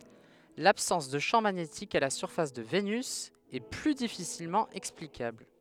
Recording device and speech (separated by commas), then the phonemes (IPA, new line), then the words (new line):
headset microphone, read sentence
labsɑ̃s də ʃɑ̃ maɲetik a la syʁfas də venys ɛ ply difisilmɑ̃ ɛksplikabl
L'absence de champ magnétique à la surface de Vénus est plus difficilement explicable.